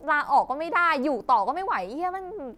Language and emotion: Thai, frustrated